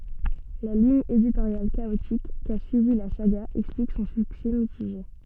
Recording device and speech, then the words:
soft in-ear microphone, read sentence
La ligne éditoriale chaotique qu'a suivie la saga explique son succès mitigé.

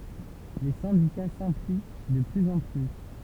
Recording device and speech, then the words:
temple vibration pickup, read sentence
Les syndicats s'impliquent de plus en plus.

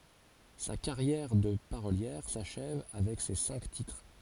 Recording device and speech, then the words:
forehead accelerometer, read sentence
Sa carrière de parolière s'achève avec ces cinq titres.

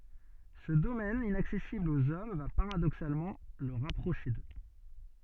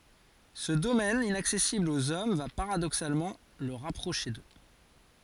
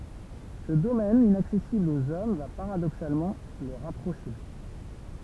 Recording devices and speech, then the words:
soft in-ear microphone, forehead accelerometer, temple vibration pickup, read sentence
Ce domaine inaccessible aux hommes va paradoxalement le rapprocher d’eux.

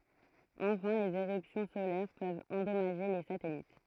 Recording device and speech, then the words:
throat microphone, read sentence
Enfin les éruptions solaires peuvent endommager les satellites.

